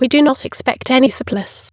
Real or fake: fake